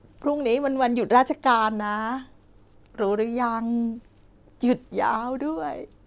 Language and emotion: Thai, happy